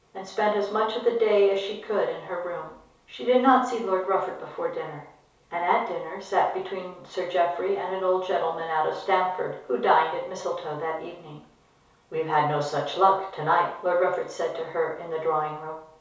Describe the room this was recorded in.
A compact room (about 3.7 m by 2.7 m).